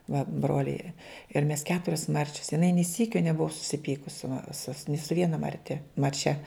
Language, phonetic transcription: Lithuanian, va ˈbroliai jie ir mes ˈketurias ˈmarčias jiˈnai nė ˈsykio neˈbuva susiˈpykus su ma su ni su ˈviena marˈte marˈčia

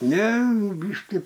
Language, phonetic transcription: Lithuanian, ˈne ˈbyški

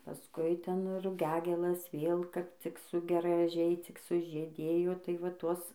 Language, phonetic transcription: Lithuanian, paˈskui ˈten ruˈgiagėlas ˈvėl ˈkap cik su graˈžiai cik sužyˈdėjo tai va ˈtuos

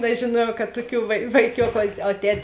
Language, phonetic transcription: Lithuanian, nežėˈnuojau kad ˈtuˌkių vai vaiˈkioku o ˈtet'

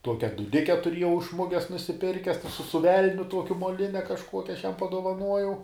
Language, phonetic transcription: Lithuanian, ˈtuokia duˈdike tuˈriejau iš ˈmuges nusiˈpirkes su ˈvelniu ˈtuokiu moˈline kažˈkuokia ˈaš ˈjam padovaˈnuojau

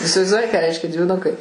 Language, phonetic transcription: Lithuanian, isivaizˈduoji ką ˈreiškia dviˈnukai

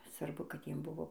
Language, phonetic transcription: Lithuanian, svarˈbu kad ˈjiem ˈbuvo

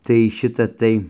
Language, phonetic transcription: Lithuanian, tai ˈšita ˈtai

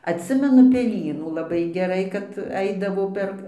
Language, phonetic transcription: Lithuanian, atˈsimenu peˈlynų laˈbai geˈrai kad ˈaidavo ˈper

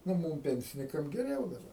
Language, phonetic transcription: Lithuanian, ˈnu ˈmūm ˈpensinikam geˈriau daˈba

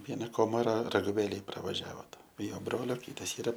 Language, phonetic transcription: Lithuanian, ˈviena ˈkomara raguˈvėlėj pravaˈžiavot i ˈjo ˈbrolio ˈkytas ˈyra

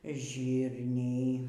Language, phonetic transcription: Lithuanian, ˈžyrniai

